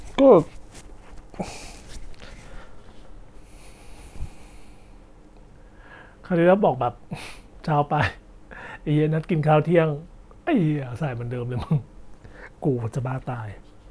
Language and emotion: Thai, frustrated